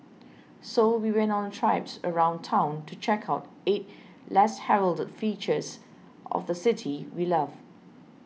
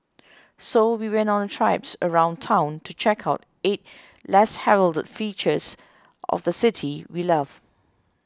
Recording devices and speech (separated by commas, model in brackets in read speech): mobile phone (iPhone 6), close-talking microphone (WH20), read sentence